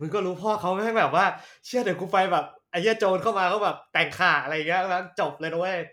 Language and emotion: Thai, happy